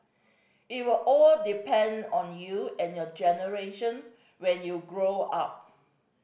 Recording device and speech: boundary microphone (BM630), read sentence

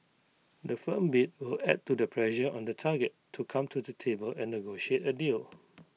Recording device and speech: mobile phone (iPhone 6), read sentence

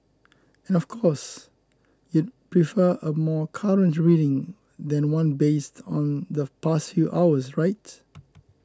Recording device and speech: close-talking microphone (WH20), read sentence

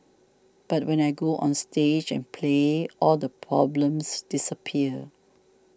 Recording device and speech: standing microphone (AKG C214), read sentence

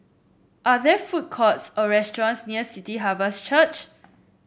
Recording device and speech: boundary microphone (BM630), read sentence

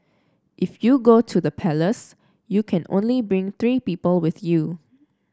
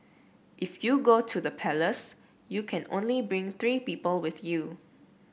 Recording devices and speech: standing microphone (AKG C214), boundary microphone (BM630), read sentence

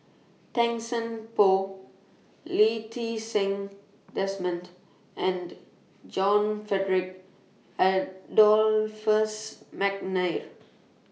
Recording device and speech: mobile phone (iPhone 6), read sentence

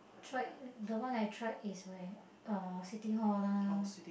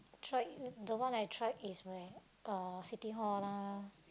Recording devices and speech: boundary microphone, close-talking microphone, conversation in the same room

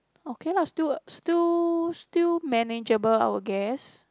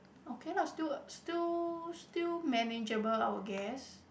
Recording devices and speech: close-talking microphone, boundary microphone, conversation in the same room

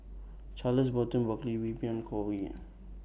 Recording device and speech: boundary microphone (BM630), read sentence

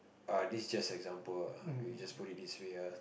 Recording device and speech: boundary microphone, conversation in the same room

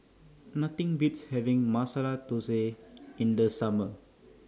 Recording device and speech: standing microphone (AKG C214), read sentence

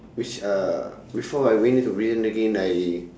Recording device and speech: standing microphone, conversation in separate rooms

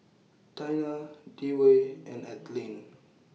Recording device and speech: mobile phone (iPhone 6), read sentence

